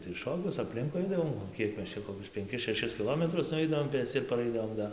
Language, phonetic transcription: Lithuanian, tai ˈšokius apˈlinkui ˈaidavom o ˈkiek ˈmes ˈčia koˈkius penˈkis šeˈšis kiˈlometrus nuˈveidavom ˈpėsci ir paˈraidavom ˈda

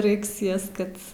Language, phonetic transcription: Lithuanian, ˈraiks ˈjas ˈkad

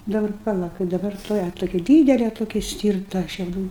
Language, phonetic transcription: Lithuanian, daˈbar paˈla kaip daˈbar tuoˈja toˈki ˈdydele toˈki ˈstyrta šiauˈdų

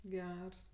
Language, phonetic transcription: Lithuanian, ˈgers

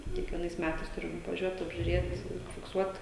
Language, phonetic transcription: Lithuanian, kiekvieˈnais ˈmætais ˈturim vaˈžiuot apžiuˈrėt fikˈsuot

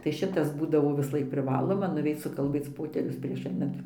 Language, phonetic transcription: Lithuanian, tai ˈšitas ˈbūdavo visˈlaik priˈvaloma nuˈveic sukalˈbėc ˈpoterius prieš ˈainant

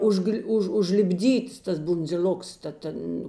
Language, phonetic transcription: Lithuanian, ˈužgl' ˈuž užlipˈdyts tas bundziˈl'oks ta ˈten

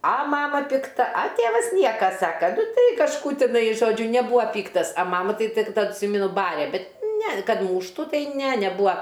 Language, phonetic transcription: Lithuanian, a ˈmama pikˈta a ˈtėvas ˈnieka ˈsaka nu ˈtai kažˈkų tiˈnai ˈžodžiu neˈbūa ˈpyktas a ˈmama ˈtai tik tad tˈsymenu ˈbarė ˈbet ne kad ˈmūštu tai ne neˈbūa

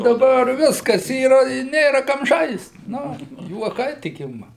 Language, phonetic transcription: Lithuanian, daˈbar ˈviskas ˈyra i ˈnėra ˈkam ˈžaist ˈnu juoˈkai tik ˈima

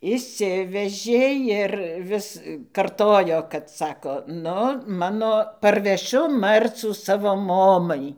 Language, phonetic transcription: Lithuanian, išˈsivežė ir ˈvis ˈkartojo kad ˈsako nu ˈmano parveˈšiu ˈmarcų ˈsavo ˈmomai

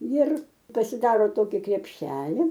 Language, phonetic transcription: Lithuanian, jir pasiˈdaro ˈtoki krepˈšeli

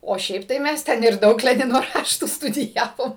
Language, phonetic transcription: Lithuanian, o ˈšiaip tai ˈmes ˈten ir ˈdaug ˈlenino ˈraštų studiˈjavom

